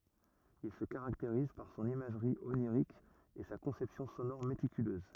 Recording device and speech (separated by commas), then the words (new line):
rigid in-ear microphone, read sentence
Il se caractérise par son imagerie onirique et sa conception sonore méticuleuse.